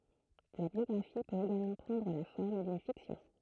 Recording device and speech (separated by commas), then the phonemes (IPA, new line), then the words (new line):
throat microphone, read sentence
la bjɔɡʁafi pøt eɡalmɑ̃ pʁɑ̃dʁ la fɔʁm dyn fiksjɔ̃
La biographie peut également prendre la forme d'une fiction.